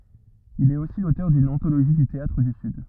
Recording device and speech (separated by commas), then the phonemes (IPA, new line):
rigid in-ear microphone, read sentence
il ɛt osi lotœʁ dyn ɑ̃toloʒi dy teatʁ dy syd